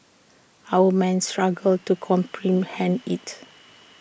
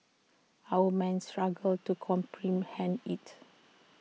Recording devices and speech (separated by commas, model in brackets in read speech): boundary microphone (BM630), mobile phone (iPhone 6), read sentence